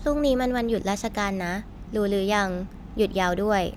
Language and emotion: Thai, neutral